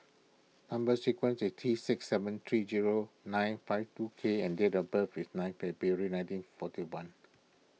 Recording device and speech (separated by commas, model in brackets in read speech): mobile phone (iPhone 6), read sentence